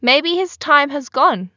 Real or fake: real